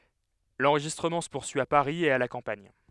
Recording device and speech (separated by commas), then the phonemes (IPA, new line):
headset microphone, read sentence
lɑ̃ʁʒistʁəmɑ̃ sə puʁsyi a paʁi e a la kɑ̃paɲ